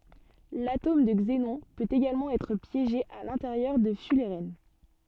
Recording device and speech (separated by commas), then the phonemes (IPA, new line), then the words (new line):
soft in-ear microphone, read sentence
latom də ɡzenɔ̃ pøt eɡalmɑ̃ ɛtʁ pjeʒe a lɛ̃teʁjœʁ də fylʁɛn
L'atome de xénon peut également être piégé à l'intérieur de fullerènes.